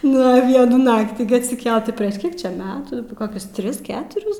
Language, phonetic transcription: Lithuanian, ˈnu ˈvienų ˈnaktį gi atsiˈkelt prieš ˈkiek ˈčia ˈmetų koˈkius ˈtris ˈketuris

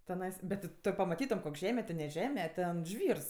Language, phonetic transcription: Lithuanian, teˈnais bet ti ˈto pamaˈtytom ˈkok' ˈžeme ti ne ˈžeme ˈten ˈžvyrs

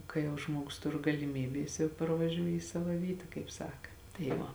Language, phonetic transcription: Lithuanian, ˈkai jau ˈžmuogus ˈtur galiˈmybė ˈjis jau parvaˈžiū į ˈsava ˈvyta kaip ˈsaka tai ˈva

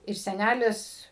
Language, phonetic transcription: Lithuanian, ir seˈnælis

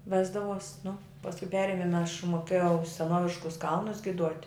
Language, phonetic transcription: Lithuanian, ˈvesdavos' nu pasˈku ˈperimin aš moˈkėjau seˈnoviškus ˈkalnus giˈduot'

